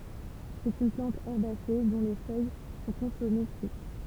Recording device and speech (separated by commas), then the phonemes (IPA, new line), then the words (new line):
temple vibration pickup, read sentence
sɛt yn plɑ̃t ɛʁbase dɔ̃ le fœj sɔ̃ kɔ̃sɔme kyit
C'est une plante herbacée dont les feuilles sont consommées cuites.